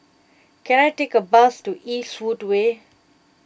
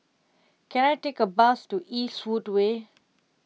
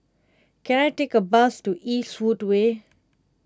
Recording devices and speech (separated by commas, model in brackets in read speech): boundary microphone (BM630), mobile phone (iPhone 6), close-talking microphone (WH20), read sentence